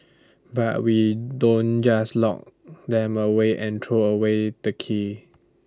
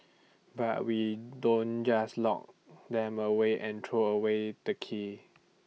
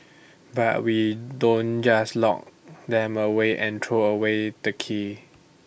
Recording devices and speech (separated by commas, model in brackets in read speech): standing microphone (AKG C214), mobile phone (iPhone 6), boundary microphone (BM630), read sentence